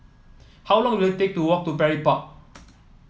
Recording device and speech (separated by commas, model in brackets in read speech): mobile phone (iPhone 7), read sentence